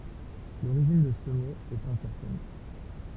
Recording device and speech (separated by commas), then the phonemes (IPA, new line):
temple vibration pickup, read sentence
loʁiʒin də sə mo ɛt ɛ̃sɛʁtɛn